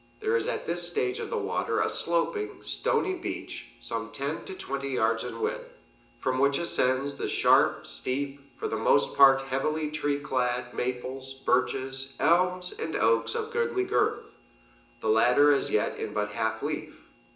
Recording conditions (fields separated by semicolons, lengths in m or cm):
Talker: one person; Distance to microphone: 1.8 m; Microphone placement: close; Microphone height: 1.0 m; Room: large; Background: none